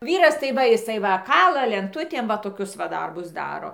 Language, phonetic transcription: Lithuanian, ˈvyras tai ˈva jiˈsai ˈva ˈkala lenˈtutėm va toˈkius va ˈdarbus ˈdaro

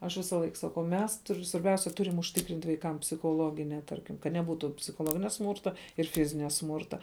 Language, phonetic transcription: Lithuanian, aš ˈvisalaik saˈkau ˈmes ˈtur svarˈbiausia ˈturim užˈtikrint vaiˈkam psichoˈlogine ˈtarkim kad neˈbūtų psichoˈloginia ˈsmūrta ir ˈfizinia ˈsmūrta

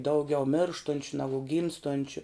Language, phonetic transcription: Lithuanian, ˈdauˌgiau ˈmėrštunčiu ˈnagu ˈgymstončiu

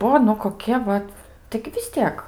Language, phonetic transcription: Lithuanian, ˈbuo nu koˈkie ˈvat taigi vis ˈtiek

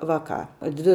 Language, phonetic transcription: Lithuanian, ˈvaˌkā ˈdvi

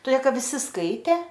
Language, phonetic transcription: Lithuanian, toˈdė ˈkad viˈsi ˈskaitė

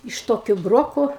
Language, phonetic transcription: Lithuanian, iš ˈtokiu ˈbroko

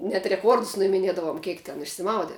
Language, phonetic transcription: Lithuanian, net reˈkuordus nuimiˈniedavom ˈkiek ten išsiˈmaude

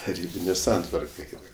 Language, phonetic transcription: Lithuanian, taˈrybinė ˈsantvarka ˈeina

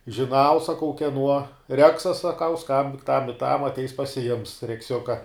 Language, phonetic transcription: Lithuanian, žiˈnau saˈkau keˈnuo ˈreksas saˈkau ˈskambink tam i tam atˈeis pasiˈjims rekˈsiuka

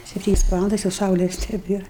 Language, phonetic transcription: Lithuanian, sepˈtynias ˈvalandas jau ˈsaules neˈbėr

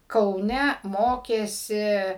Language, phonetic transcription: Lithuanian, kauˈne ˈmokėsi

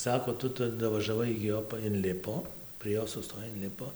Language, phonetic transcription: Lithuanian, ˈsako ˈtu ˈtu davažaˈvai igi ˈjo pa inˈlipo prie ˈjo suˈstoj inˈlipo

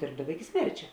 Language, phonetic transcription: Lithuanian, ˈdėrbdava iki ˈsmerčia

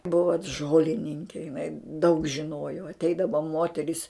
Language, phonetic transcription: Lithuanian, ˈbuvo t ˈžolininkė jiˈnai daug žiˈnojo atˈeidavo ˈmoteris

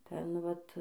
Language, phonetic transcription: Lithuanian, ˈten ˈvat

